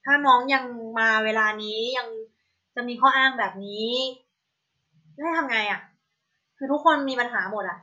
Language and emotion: Thai, frustrated